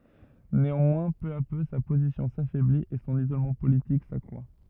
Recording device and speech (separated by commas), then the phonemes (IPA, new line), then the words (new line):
rigid in-ear microphone, read sentence
neɑ̃mwɛ̃ pø a pø sa pozisjɔ̃ safɛblit e sɔ̃n izolmɑ̃ politik sakʁwa
Néanmoins, peu à peu, sa position s’affaiblit, et son isolement politique s’accroît.